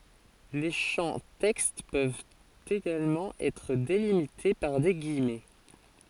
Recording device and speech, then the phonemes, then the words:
forehead accelerometer, read sentence
le ʃɑ̃ tɛkst pøvt eɡalmɑ̃ ɛtʁ delimite paʁ de ɡijmɛ
Les champs texte peuvent également être délimités par des guillemets.

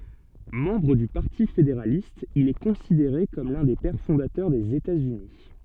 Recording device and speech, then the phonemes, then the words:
soft in-ear microphone, read sentence
mɑ̃bʁ dy paʁti fedeʁalist il ɛ kɔ̃sideʁe kɔm lœ̃ de pɛʁ fɔ̃datœʁ dez etatsyni
Membre du Parti fédéraliste, il est considéré comme l'un des Pères fondateurs des États-Unis.

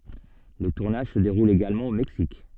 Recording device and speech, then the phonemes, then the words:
soft in-ear microphone, read sentence
lə tuʁnaʒ sə deʁul eɡalmɑ̃ o mɛksik
Le tournage se déroule également au Mexique.

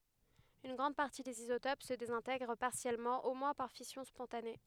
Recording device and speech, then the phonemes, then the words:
headset microphone, read sentence
yn ɡʁɑ̃d paʁti dez izotop sə dezɛ̃tɛɡʁ paʁsjɛlmɑ̃ o mwɛ̃ paʁ fisjɔ̃ spɔ̃tane
Une grande partie des isotopes se désintègre partiellement au moins par fission spontanée.

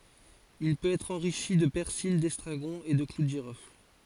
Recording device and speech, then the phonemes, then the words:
forehead accelerometer, read sentence
il pøt ɛtʁ ɑ̃ʁiʃi də pɛʁsil dɛstʁaɡɔ̃ e də klu də ʒiʁɔfl
Il peut être enrichi de persil, d'estragon et de clous de girofle.

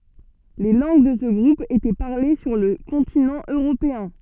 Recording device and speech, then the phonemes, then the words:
soft in-ear microphone, read sentence
le lɑ̃ɡ də sə ɡʁup etɛ paʁle syʁ lə kɔ̃tinɑ̃ øʁopeɛ̃
Les langues de ce groupe étaient parlées sur le continent européen.

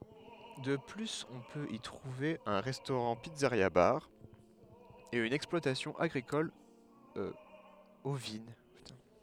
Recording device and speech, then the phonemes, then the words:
headset microphone, read sentence
də plyz ɔ̃ pøt i tʁuve œ̃ ʁɛstoʁɑ̃tpizzəʁjabaʁ e yn ɛksplwatasjɔ̃ aɡʁikɔl ovin
De plus, on peut y trouver un restaurant-pizzeria-bar, et une exploitation agricole ovine.

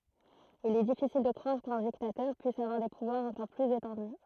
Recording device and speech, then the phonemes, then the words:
throat microphone, read sentence
il ɛ difisil də kʁwaʁ kœ̃ diktatœʁ pyis avwaʁ de puvwaʁz ɑ̃kɔʁ plyz etɑ̃dy
Il est difficile de croire qu'un dictateur puisse avoir des pouvoirs encore plus étendus.

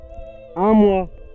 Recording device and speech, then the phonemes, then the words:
soft in-ear microphone, read sentence
œ̃ mwa
Un mois.

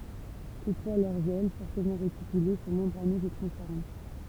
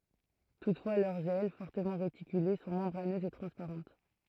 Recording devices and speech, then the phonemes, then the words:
temple vibration pickup, throat microphone, read sentence
tutfwa lœʁz ɛl fɔʁtəmɑ̃ ʁetikyle sɔ̃ mɑ̃bʁanøzz e tʁɑ̃spaʁɑ̃t
Toutefois, leurs ailes, fortement réticulées, sont membraneuses et transparentes.

